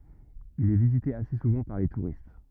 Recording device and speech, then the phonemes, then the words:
rigid in-ear microphone, read sentence
il ɛ vizite ase suvɑ̃ paʁ le tuʁist
Il est visité assez souvent par les touristes.

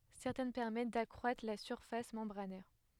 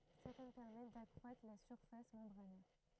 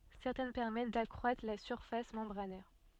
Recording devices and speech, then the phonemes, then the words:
headset microphone, throat microphone, soft in-ear microphone, read sentence
sɛʁtɛn pɛʁmɛt dakʁwatʁ la syʁfas mɑ̃bʁanɛʁ
Certaines permettent d'accroître la surface membranaire.

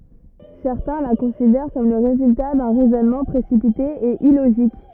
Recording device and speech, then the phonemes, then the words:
rigid in-ear microphone, read sentence
sɛʁtɛ̃ la kɔ̃sidɛʁ kɔm lə ʁezylta dœ̃ ʁɛzɔnmɑ̃ pʁesipite e iloʒik
Certains la considèrent comme le résultat d'un raisonnement précipité et illogique.

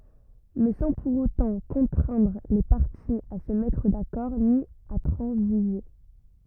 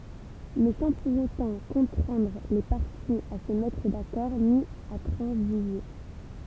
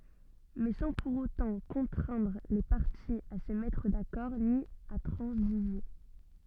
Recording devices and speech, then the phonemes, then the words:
rigid in-ear microphone, temple vibration pickup, soft in-ear microphone, read sentence
mɛ sɑ̃ puʁ otɑ̃ kɔ̃tʁɛ̃dʁ le paʁtiz a sə mɛtʁ dakɔʁ ni a tʁɑ̃ziʒe
Mais sans pour autant contraindre les parties à se mettre d'accord ni à transiger.

